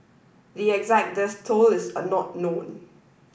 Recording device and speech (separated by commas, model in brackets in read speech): boundary microphone (BM630), read sentence